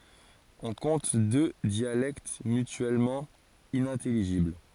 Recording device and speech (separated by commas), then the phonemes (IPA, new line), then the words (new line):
forehead accelerometer, read sentence
ɔ̃ kɔ̃t dø djalɛkt mytyɛlmɑ̃ inɛ̃tɛliʒibl
On compte deux dialectes mutuellement inintelligibles.